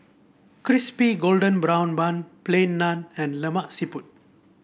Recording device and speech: boundary microphone (BM630), read sentence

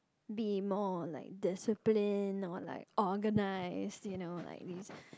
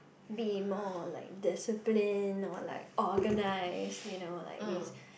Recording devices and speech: close-talking microphone, boundary microphone, conversation in the same room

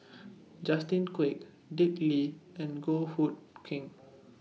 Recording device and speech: mobile phone (iPhone 6), read sentence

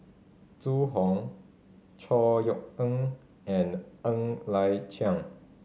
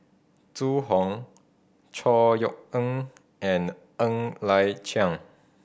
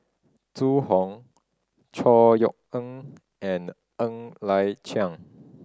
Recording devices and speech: mobile phone (Samsung C5010), boundary microphone (BM630), standing microphone (AKG C214), read sentence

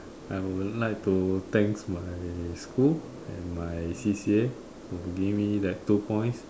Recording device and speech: standing microphone, conversation in separate rooms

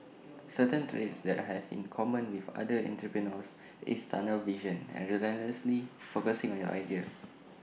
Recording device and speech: mobile phone (iPhone 6), read sentence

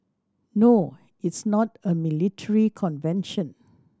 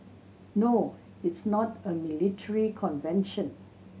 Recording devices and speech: standing microphone (AKG C214), mobile phone (Samsung C7100), read sentence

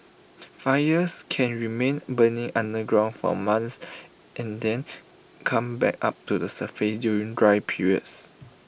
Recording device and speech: boundary microphone (BM630), read sentence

